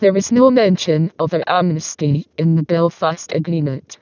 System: VC, vocoder